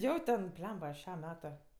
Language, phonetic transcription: Lithuanian, ˈjo ten ˈblemba ˈšem ˈmetu

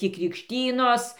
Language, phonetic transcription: Lithuanian, ti krikšˈtynos

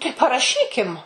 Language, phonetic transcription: Lithuanian, tai paraˈšykim

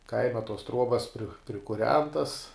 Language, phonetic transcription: Lithuanian, ˈkaima tos ˈtruobas prikuˈrentas

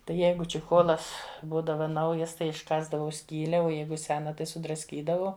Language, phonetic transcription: Lithuanian, tai ˈjeigu čiˈcholas ˈbūdava ˈnaujas ˈtai išˈkąsdavau ˈskyle o ˈjeigu ˈsena tai sudrasˈkydavau

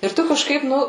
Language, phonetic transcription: Lithuanian, ir ˈtu kažˈkaip ˈnu

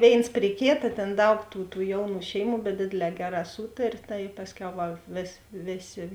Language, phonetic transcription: Lithuanian, ˈvėins pri ˈkėta ˈtėn ˈdaug tų tų ˈjauˌnų ˈšeiˌmų bet ˈdėdėˌlē ˈgeˌrā ˈsūtarė tai ˈpasˌkiau ˈva vės ˈvėˌsė

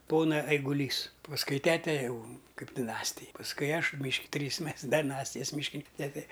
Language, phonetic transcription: Lithuanian, ˈpona eiguˈlys pasˈkui ˈtete ˈjau ˈkaip diˈnastij pasˈkui ˈaš myšk ˈtrys ˈmes deˈnastijas myšˈkinin ˈtete

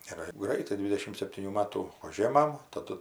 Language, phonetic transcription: Lithuanian, ir ˈgraitai ˈdvidešim septyˈnių ˈmatų ˈužėmam taˈdu

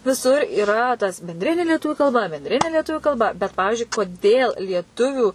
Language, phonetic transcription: Lithuanian, viˈsur yˈra tas benˈdrinė lieˈtuviu kalˈba benˈdrinė lieˈtuviu kalˈba bet ˈpavižiui koˈdėl lieˈtuviu

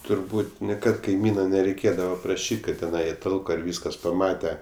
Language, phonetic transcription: Lithuanian, turˈbūt' niˈkad kaiˈmyna nereiˈkėdava praˈšyt' ˈkad teˈnai i ˈtalko ir ˈvyskas paˈmate

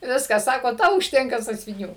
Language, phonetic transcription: Lithuanian, ˈviskas ˈsako ˈtau užˈtenka sąsviˈnių

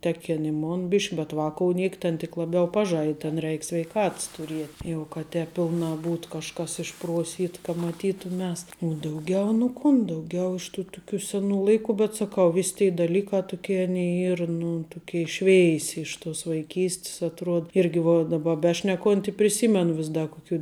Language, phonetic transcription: Lithuanian, ˈteˌkin i ˈmon ˈbišk' bet ˈvakou ˈniek ten tik laˈbiau ˈpaˌžaid ten ˈreik sveiˈkats tuˈriet' jau ka ˈtēp ˈpilˌnā ˈbūt kažˈkas išˈpruoˌsyt ka maˈtytuˌmias u ˈdauˌgiau nu ˈkun dauˈgiau iš tu tuˈkių ˈseˌnų ˈlaiku bet saˈkau ˈvis tei daˈlykā tuˈkė ˈaˌnėi ˈyr ˈnu ˈtuˌkei ˈšveisi iš tus vaiˈkys't's atˈruod ˈirgi va daˈba ˈbešnekont' i priˈsymenu ˈvis ˈda kuˈkių

